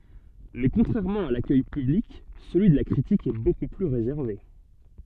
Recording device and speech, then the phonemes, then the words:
soft in-ear microphone, read sentence
mɛ kɔ̃tʁɛʁmɑ̃ a lakœj pyblik səlyi də la kʁitik ɛ boku ply ʁezɛʁve
Mais contrairement à l'accueil public, celui de la critique est beaucoup plus réservé.

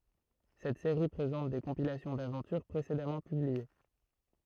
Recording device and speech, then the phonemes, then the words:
throat microphone, read sentence
sɛt seʁi pʁezɑ̃t de kɔ̃pilasjɔ̃ davɑ̃tyʁ pʁesedamɑ̃ pyblie
Cette série présente des compilations d'aventures précédemment publiées.

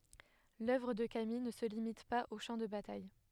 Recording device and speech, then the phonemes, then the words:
headset microphone, read sentence
lœvʁ də kamij nə sə limit paz o ʃɑ̃ də bataj
L’œuvre de Camille ne se limite pas aux champs de bataille.

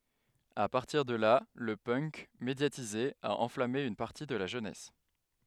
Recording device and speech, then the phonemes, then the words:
headset microphone, read sentence
a paʁtiʁ də la lə pœnk medjatize a ɑ̃flame yn paʁti də la ʒønɛs
À partir de là le punk, médiatisé, a enflammé une partie de la jeunesse.

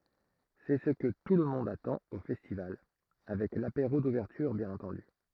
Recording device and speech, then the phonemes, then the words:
throat microphone, read sentence
sɛ sə kə tulmɔ̃d atɑ̃t o fɛstival avɛk lapeʁo duvɛʁtyʁ bjɛ̃n ɑ̃tɑ̃dy
C'est ce que tout le monde attend au festival, avec l'apéro d'ouverture bien entendu!

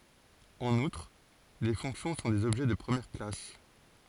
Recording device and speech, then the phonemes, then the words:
forehead accelerometer, read sentence
ɑ̃n utʁ le fɔ̃ksjɔ̃ sɔ̃ dez ɔbʒɛ də pʁəmjɛʁ klas
En outre, les fonctions sont des objets de première classe.

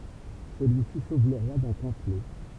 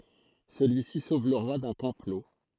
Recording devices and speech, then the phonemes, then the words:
temple vibration pickup, throat microphone, read sentence
səlyisi sov lə ʁwa dœ̃ kɔ̃plo
Celui-ci sauve le roi d'un complot.

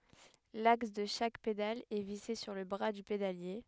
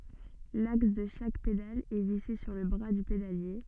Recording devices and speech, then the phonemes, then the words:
headset microphone, soft in-ear microphone, read sentence
laks də ʃak pedal ɛ vise syʁ lə bʁa dy pedalje
L'axe de chaque pédale est vissé sur le bras du pédalier.

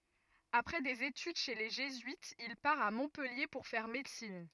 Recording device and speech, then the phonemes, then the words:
rigid in-ear microphone, read sentence
apʁɛ dez etyd ʃe le ʒezyitz il paʁ a mɔ̃pɛlje puʁ fɛʁ medəsin
Après des études chez les jésuites, il part à Montpellier pour faire médecine.

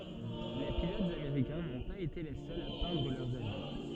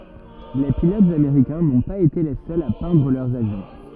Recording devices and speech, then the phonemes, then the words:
soft in-ear microphone, rigid in-ear microphone, read sentence
le pilotz ameʁikɛ̃ nɔ̃ paz ete le sœlz a pɛ̃dʁ lœʁz avjɔ̃
Les pilotes américains n'ont pas été les seuls à peindre leurs avions.

